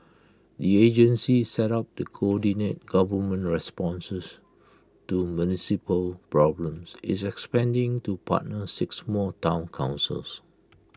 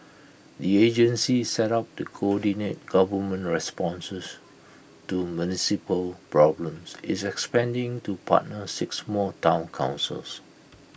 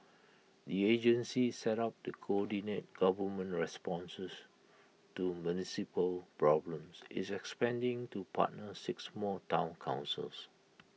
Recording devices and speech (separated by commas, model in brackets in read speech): close-talking microphone (WH20), boundary microphone (BM630), mobile phone (iPhone 6), read sentence